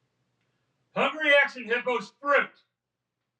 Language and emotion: English, angry